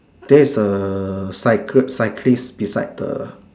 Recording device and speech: standing microphone, conversation in separate rooms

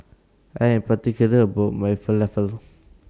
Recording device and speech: standing microphone (AKG C214), read sentence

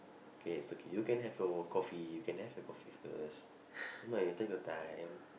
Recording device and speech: boundary microphone, conversation in the same room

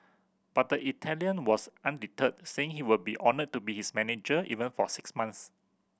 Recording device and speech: boundary microphone (BM630), read sentence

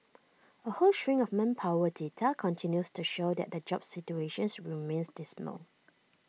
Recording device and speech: mobile phone (iPhone 6), read sentence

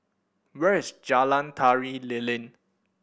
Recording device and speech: boundary microphone (BM630), read sentence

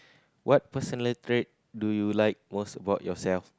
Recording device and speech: close-talking microphone, conversation in the same room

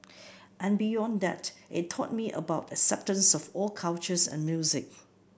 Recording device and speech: boundary microphone (BM630), read sentence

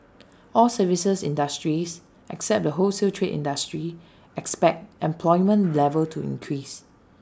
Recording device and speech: standing microphone (AKG C214), read sentence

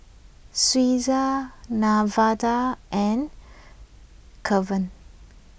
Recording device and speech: boundary microphone (BM630), read sentence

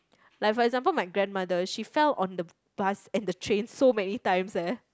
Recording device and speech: close-talking microphone, conversation in the same room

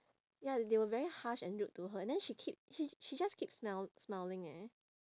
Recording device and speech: standing microphone, conversation in separate rooms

